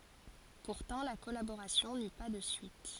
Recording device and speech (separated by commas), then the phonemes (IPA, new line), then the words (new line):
forehead accelerometer, read sentence
puʁtɑ̃ la kɔlaboʁasjɔ̃ ny pa də syit
Pourtant la collaboration n'eut pas de suite.